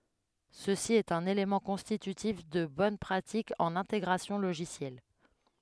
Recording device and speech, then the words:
headset microphone, read sentence
Ceci est un élément constitutif de bonne pratique en intégration logicielle.

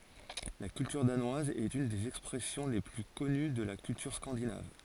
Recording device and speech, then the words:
forehead accelerometer, read sentence
La culture danoise est une des expressions les plus connues de la culture scandinave.

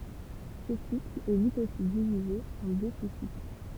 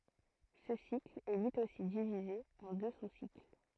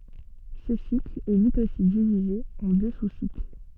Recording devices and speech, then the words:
temple vibration pickup, throat microphone, soft in-ear microphone, read sentence
Ce cycle est lui aussi divisé en deux sous-cycles.

